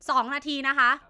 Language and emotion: Thai, angry